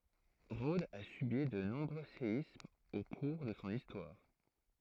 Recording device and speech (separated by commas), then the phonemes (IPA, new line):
throat microphone, read sentence
ʁodz a sybi də nɔ̃bʁø seismz o kuʁ də sɔ̃ istwaʁ